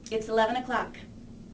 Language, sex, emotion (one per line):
English
female
neutral